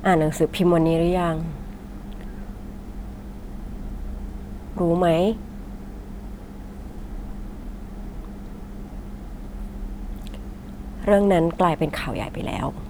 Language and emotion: Thai, frustrated